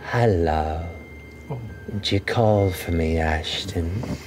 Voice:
slow voice